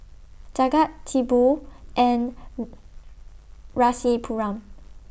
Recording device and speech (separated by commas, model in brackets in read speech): boundary microphone (BM630), read sentence